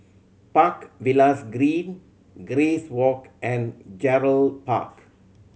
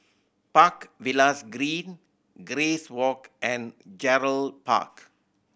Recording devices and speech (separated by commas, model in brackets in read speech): mobile phone (Samsung C7100), boundary microphone (BM630), read sentence